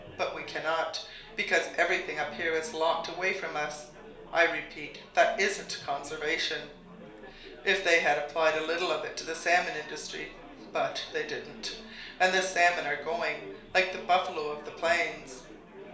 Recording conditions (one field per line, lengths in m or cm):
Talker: one person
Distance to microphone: 1.0 m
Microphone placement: close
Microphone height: 1.1 m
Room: small (3.7 m by 2.7 m)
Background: babble